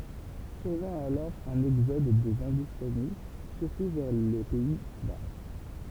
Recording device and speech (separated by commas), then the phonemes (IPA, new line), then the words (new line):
temple vibration pickup, read sentence
syʁvɛ̃ alɔʁ œ̃n ɛɡzɔd de ɛ̃dustani syʁtu vɛʁ le pɛi ba
Survint alors un exode des Hindoustanis, surtout vers les Pays-Bas.